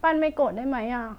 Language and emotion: Thai, sad